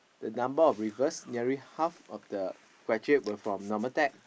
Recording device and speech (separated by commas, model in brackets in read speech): boundary microphone, conversation in the same room